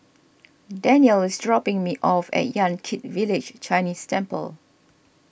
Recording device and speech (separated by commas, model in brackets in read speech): boundary microphone (BM630), read sentence